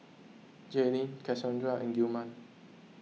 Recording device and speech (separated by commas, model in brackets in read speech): mobile phone (iPhone 6), read sentence